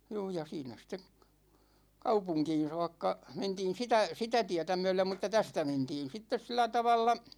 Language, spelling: Finnish, juu ja siinä sitten kaupunkiin saakka mentiin sitä sitä tietä myöden mutta tästä mentiin sitten sillä tavalla
- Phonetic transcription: 'juu ja 'siinä ste , 'kaupuŋkiin̬ 'soakka , 'mentiin̬ 'sitä , 'sitä 'tiäta myɛ#lem mŭt̆ta 'tästä 'mentiin 'sittes sillä 'tavalla ,.

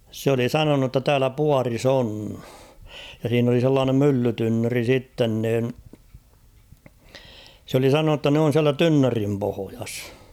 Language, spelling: Finnish, se oli sanonut jotta täällä puodissa on ja siinä oli sellainen myllytynnyri sitten niin se oli sanonut jotta ne on siellä tynnyrin pohjassa
- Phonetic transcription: s ‿oli "sanonu ‿tta 'täälä "puaris ‿'oon , ja siin ‿oli 'sellaanem "mylly'tynnöri 'sitten niin , s ‿oli "sanonu ‿tta n ‿oon̬ siälä "tynnörim 'pohojas .

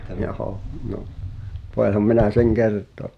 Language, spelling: Finnish, joo no voihan minä sen kertoa
- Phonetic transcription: johò , no , 'voiham 'minä seŋ "kert̆toă .

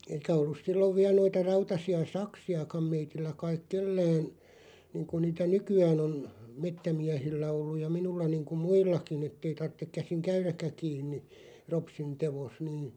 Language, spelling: Finnish, eikä ollut silloin vielä noita rautaisia saksiakaan meillä kai kenelläkään niin kuin niitä nykyään on metsämiehillä ollut ja minulla niin kuin muillakin että ei tarvitse käsin käydäkään kiinni ropsin teossa niin
- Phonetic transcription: 'eikä ollus 'sillov viäˡ noita 'rautasi₍a "saksi₍akam 'meitillä 'kaiᵏ "kellään , 'niiŋku 'niitä "nyky₍ään ‿on , "mettä'miähillä 'olluʲ ja "minulla 'niiŋku "muillaki'n ‿ettei 'tarttek 'käsiŋ "käyräkkä 'kiinni , 'ropsin 'tevos nii ,.

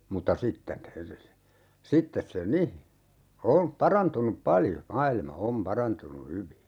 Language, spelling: Finnish, mutta sitten sitten se niin on parantunut paljon maailma on parantunut hyvin
- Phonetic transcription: 'mutta "sitten , 'sittes se "ni , 'o(m) "parantunup 'paljo , 'mailma "om 'parantunu 'hyvi .

